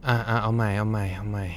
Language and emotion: Thai, frustrated